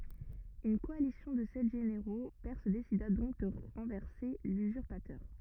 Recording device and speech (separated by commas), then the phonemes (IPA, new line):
rigid in-ear microphone, read sentence
yn kɔalisjɔ̃ də sɛt ʒeneʁo pɛʁs desida dɔ̃k də ʁɑ̃vɛʁse lyzyʁpatœʁ